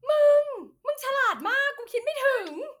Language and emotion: Thai, happy